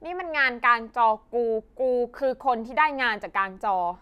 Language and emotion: Thai, frustrated